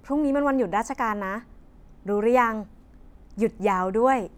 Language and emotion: Thai, happy